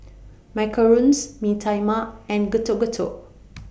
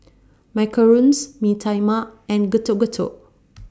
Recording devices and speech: boundary microphone (BM630), standing microphone (AKG C214), read sentence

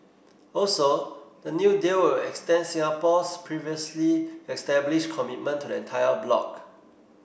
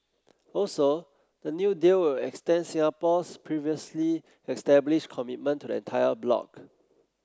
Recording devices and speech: boundary microphone (BM630), close-talking microphone (WH30), read sentence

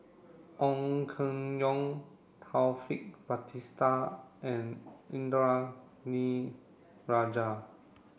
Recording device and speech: boundary microphone (BM630), read sentence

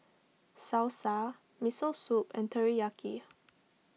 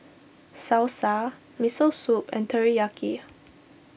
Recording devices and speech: mobile phone (iPhone 6), boundary microphone (BM630), read sentence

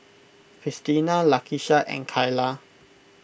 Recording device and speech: boundary microphone (BM630), read sentence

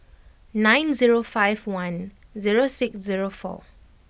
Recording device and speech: boundary microphone (BM630), read sentence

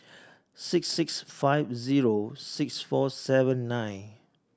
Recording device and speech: standing microphone (AKG C214), read sentence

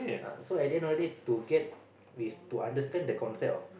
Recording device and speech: boundary microphone, conversation in the same room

